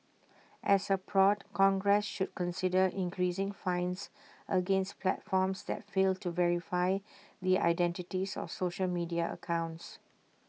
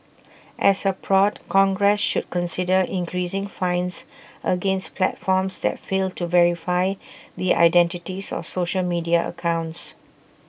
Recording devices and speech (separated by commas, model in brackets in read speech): mobile phone (iPhone 6), boundary microphone (BM630), read sentence